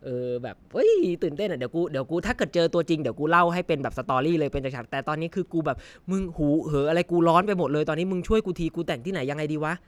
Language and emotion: Thai, happy